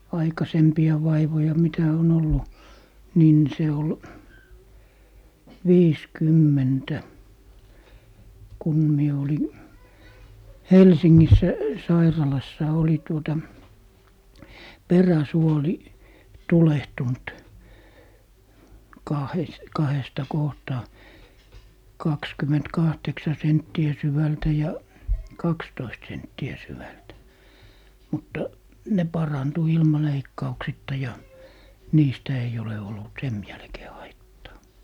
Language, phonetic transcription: Finnish, "aikasempi₍a 'vaivoja 'mitä on ollu , 'niin se ol , "viis'kymmentä , 'kun mie oli , "Helsiŋŋissä 'sairalassa oli tuota , "peräsuoli , 'tulehtunt , kahes- , kahesta 'kohtaa , 'kakskymment'kahteksa 'sentti₍ä 'syvältä ja , "kakstoist 'sentti₍ä 'syvältä , 'mutta , 'ne parantu 'ilma leikkauksitta ja , 'niistä eij ‿ole ollut "sem jälkee 'haittaa .
- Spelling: aikaisempia vaivoja mitä on ollut niin se oli viisikymmentä kun minä olin Helsingissä sairaalassa oli tuota peräsuoli tulehtunut - kahdesta kohtaa kaksikymmentäkahdeksan senttiä syvältä ja kaksitoista senttiä syvältä mutta ne parantui ilman leikkauksitta ja niistä ei ole ollut sen jälkeen haittaa

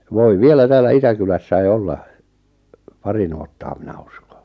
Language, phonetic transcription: Finnish, 'voi "vielä 'täällä "Itäkylässäi 'olla , "pari 'nuottaa 'minä ᴜskᴏ
- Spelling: voi vielä täällä Itäkylässä olla pari nuottaa minä uskon

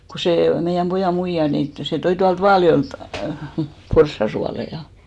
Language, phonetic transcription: Finnish, ko 'sè , meijäm 'pojà 'muija nin tᵒ- , se 'toi tualt 'Vaaljo₍èlt , 'porssa sualeⁱja .
- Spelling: kun se meidän pojan muija niin - se toi tuolta Vaaljoelta porsaan suolia

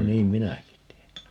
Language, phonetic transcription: Finnish, 'no "niim "minäki 'tee(n) .
- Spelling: no niin minäkin teen

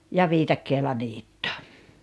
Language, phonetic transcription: Finnish, ja "viitakkeela 'niitto .
- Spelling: ja viikatteella niitto

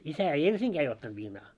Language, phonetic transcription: Finnish, 'isä ei "ensiŋɢää ei 'ottant 'viinaa .
- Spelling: isä ei ensinkään ei ottanut viinaa

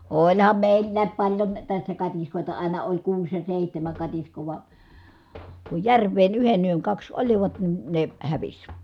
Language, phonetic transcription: Finnish, oĺham mèillääp paĺjon , tässä katiskòita àina oĺ kuus ja sèihtämäŋ katiskoo va , ku jär̀v̀een yhen yöŋ kaks olivat nin ne hävis .
- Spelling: olihan meillä paljon tässä katiskoita aina oli kuusi ja seitsemän katiskaa vaan kun järveen yhden yön kaksi olivat niin ne hävisi

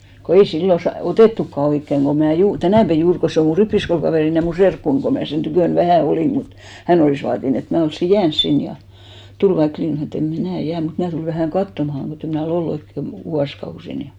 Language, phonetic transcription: Finnish, ko 'ei "sillo sa- , "otèttukka 'oikkeŋ ko mä̀ 'juur , "tänä̀pä 'juur ko se o mu 'rippiskoulkavèrin ja mu 'serkkun ko mä̀ sen 'tykö̀n "vähä̀ 'olìm mut , 'hän ‿olìs vaatin ‿et mä 'olssi "jääns 'sin ja , 'tul vaik 'linj- , (mä snon ‿et) em "mⁱnä̀ 'jää mut 'mnä̀ tulᵉ vähä̀ŋ "kattomahaŋ kotte 'mnä̀ o"l ‿ollu oikke , vᵘ- , 'vuaskausin ni .
- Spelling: kun ei silloin - otettukaan oikein kun minä juuri tänä päivänä juuri kun se on minun rippikoulukaverini ja minun serkkuni kun minä sen tykönä vähän olin mutta hän olisi vaatinut että minä olisin jäänyt sinne ja tuli vaikka - minä sanoin että en minä jää mutta minä tulen vähän katsomaan kun en minä ole ollut oikein - vuosikausiin niin

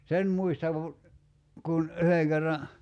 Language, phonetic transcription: Finnish, 'sen̳§ muistav , 'kun , 'yheŋ kerra ,.
- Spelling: sen muistan kun yhden kerran

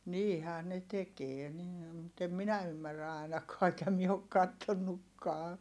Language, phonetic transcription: Finnish, niihää ne tekee nii - mut em minä ymmärrä ài̮nakaa eŋkä mie ok kattonnukkaa .
- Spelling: niinhän ne tekee niin mutta en minä ymmärrä ainakaan enkä minä ole katsonutkaan

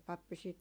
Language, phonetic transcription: Finnish, 'pappi sit ,.
- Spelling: pappi sitten

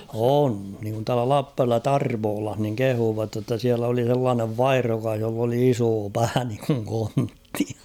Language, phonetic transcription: Finnish, 'on niŋkun tuala "Lappärvellä "Tarvoolah niŋ "kehuuvat jotta 'siäl ‿oli sellaanev "vaihrokah joll ‿oli 'isoo 'pää niiŋkuŋ 'konttɪ .
- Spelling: on niin kuin tuolla Lappajärvellä Tarvolassa niin kehuivat jotta siellä oli sellainen vaihdokas jolla oli iso pää niin kuin kontti

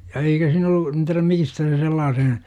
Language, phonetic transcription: Finnish, ja 'eikä siin ‿ollu , en ti§räm "miistä se 'sellaasen̬ ,.
- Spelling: ja eikä siinä ollut en tiedä mistä se sellaisen

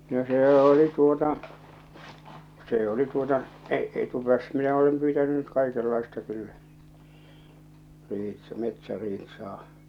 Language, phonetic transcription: Finnish, no 'see oli tuota , 'see oli tuota , e- , etupäässä minä olem pyytäny nyt 'kaikellaista 'kyllä , 'riits- , 'metsä"riit̳s̳aa .
- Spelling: no se oli tuota se oli tuota - etupäässä minä olen pyytänyt nyt kaikenlaista kyllä - metsäriistaa

